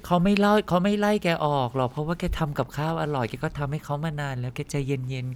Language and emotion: Thai, neutral